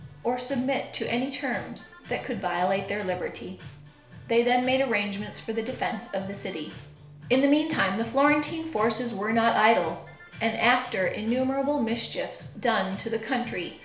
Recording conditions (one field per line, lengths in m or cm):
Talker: one person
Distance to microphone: 1.0 m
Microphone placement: close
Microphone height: 1.1 m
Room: small (3.7 m by 2.7 m)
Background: music